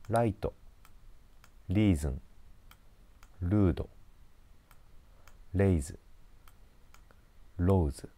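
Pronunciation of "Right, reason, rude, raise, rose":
'Right, reason, rude, raise, rose' are read with a Japanese pronunciation, not the English way.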